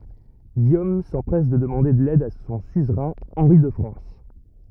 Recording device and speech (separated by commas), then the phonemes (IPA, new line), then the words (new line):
rigid in-ear microphone, read sentence
ɡijom sɑ̃pʁɛs də dəmɑ̃de lɛd də sɔ̃ syzʁɛ̃ ɑ̃ʁi də fʁɑ̃s
Guillaume s'empresse de demander l'aide de son suzerain, Henri de France.